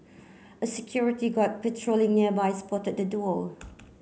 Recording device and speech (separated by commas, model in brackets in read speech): mobile phone (Samsung C9), read sentence